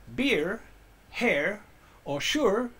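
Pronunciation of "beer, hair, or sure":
'Beer, hair, or sure' is said with a North American accent.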